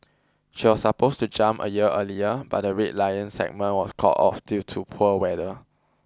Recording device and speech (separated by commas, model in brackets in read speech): close-talking microphone (WH20), read sentence